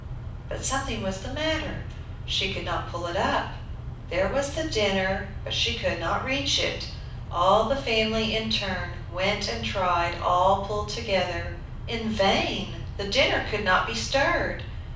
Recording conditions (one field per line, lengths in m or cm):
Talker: one person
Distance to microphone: 5.8 m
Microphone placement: far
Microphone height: 1.8 m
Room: medium-sized (5.7 m by 4.0 m)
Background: none